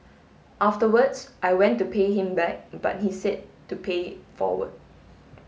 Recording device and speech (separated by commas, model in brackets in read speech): mobile phone (Samsung S8), read sentence